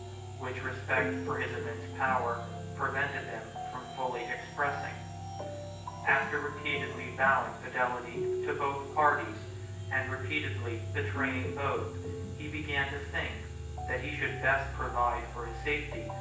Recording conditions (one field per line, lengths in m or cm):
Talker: one person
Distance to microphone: 9.8 m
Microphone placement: far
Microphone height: 1.8 m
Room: large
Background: music